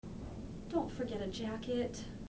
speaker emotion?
sad